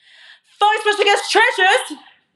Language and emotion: English, surprised